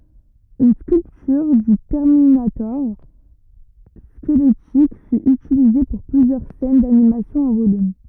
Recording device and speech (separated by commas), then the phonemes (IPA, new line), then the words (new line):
rigid in-ear microphone, read sentence
yn skyltyʁ dy tɛʁminatɔʁ skəlɛtik fy ytilize puʁ plyzjœʁ sɛn danimasjɔ̃ ɑ̃ volym
Une sculpture du Terminator squelettique fut utilisée pour plusieurs scènes d'animation en volume.